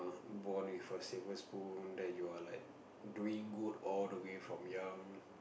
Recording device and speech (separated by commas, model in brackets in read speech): boundary microphone, conversation in the same room